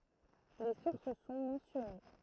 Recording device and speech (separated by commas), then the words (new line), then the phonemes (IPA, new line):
throat microphone, read sentence
Les sources sont mentionnées.
le suʁs sɔ̃ mɑ̃sjɔne